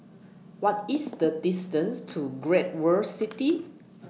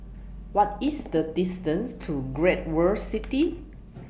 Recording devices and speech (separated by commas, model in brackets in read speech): mobile phone (iPhone 6), boundary microphone (BM630), read sentence